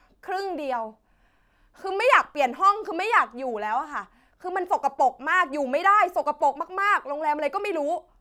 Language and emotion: Thai, angry